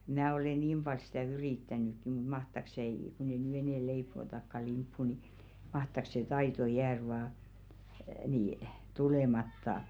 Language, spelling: Finnish, minä olen niin paljon sitä yrittänytkin mutta mahtaako se ei kun ei nyt enää leivotakaan limppua niin mahtaako se taito jäädä vain niin tulematta
- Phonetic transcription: 'mⁿää ole "niim ʙal sᴵtä̀ 'yrìttänỳkki mut mahtak s ‿ei , ku ei ny "enɛ̀ 'leipo̳o̳§takka limppu ni , 'mahtak se 'taito "jäär vaa , nii , "tulematta .

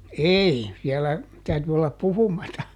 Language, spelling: Finnish, ei siellä täytyi olla puhumatta
- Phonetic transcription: "ei , siɛlä , ˈtäyty ollap "puhumata .

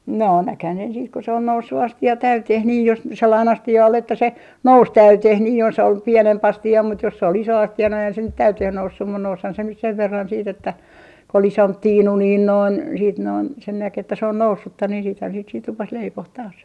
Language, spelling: Finnish, noo näkihän sen sitten kun se oli noussut astia täyteen niin jos sellainen astia oli että se nousi täyteen niin jos oli pienempi astia mutta jos se oli iso astia no eihän se täyteen noussut mutta nousihan se nyt sen verran sitten että kun oli isompi tiinu niin noin sitten noin sen näki että se on noussutta niin sittenhän siitä sitä rupesi leipomaan taas
- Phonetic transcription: 'noo "näkhän sen siit ko sᵉ ‿ol 'noussu 'asti₍a "täyteh nii jos , 'sellain 'asti₍a ol että se , "nous 'täyteh nii jos ‿ol 'pienem'p ‿asti₍a mut jos sᵉ ‿ol iso 'asti₍a no eihän se "täyteh 'noussum mun 'noushan se nyt 'sev 'verran siit ‿että , kᵒ ‿ol "isomp "tiinu niin noin , siit noin , sen 'näk ‿että se on 'noussutta niin siithän siit sit 'rupes 'leipoh taas .

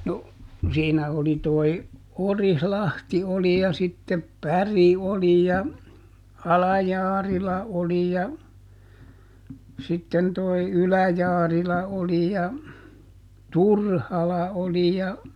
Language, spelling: Finnish, no siinä oli tuo Orilahti oli ja sitten Päri oli ja Ala-Jaarila oli ja sitten tuo Ylä-Jaarila oli ja Turhala oli ja
- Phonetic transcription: no , ˈsiinä oli toi , ˈOrih"lahti oli ja sittep "Päri oli ja , "Ala-ˈJaarila oli ja , ˈsitten toi "Ylä-ˈJaarila oli ja , "Turhala oli ja ,.

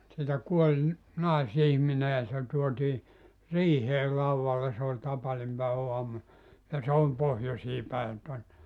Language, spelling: Finnish, sieltä kuoli naisihminen ja se tuotiin riiheen laudalle se oli tapaninpäiväaamu ja se oli pohjoiseen päin tuonne
- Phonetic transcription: sieltä 'kuoĺ , 'nàis₍ihmine ja se tuotii "riihee 'lauvvalle se oĺ 'tapanimpäevä₍uamu , ja se 'ol 'pohjosii päen ton(ne) .

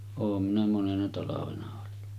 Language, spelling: Finnish, olen minä monena talvena ollut
- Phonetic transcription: oom minä 'monena talavena ollu .

